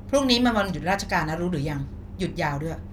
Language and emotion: Thai, angry